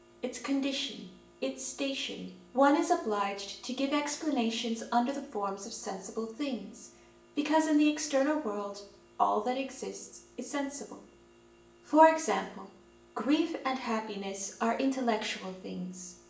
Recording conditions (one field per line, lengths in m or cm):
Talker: one person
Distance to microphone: 1.8 m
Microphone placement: close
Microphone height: 1.0 m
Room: large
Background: none